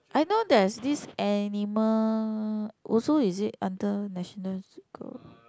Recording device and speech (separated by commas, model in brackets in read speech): close-talking microphone, conversation in the same room